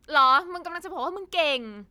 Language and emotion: Thai, angry